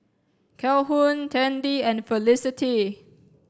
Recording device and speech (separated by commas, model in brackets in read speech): standing microphone (AKG C214), read sentence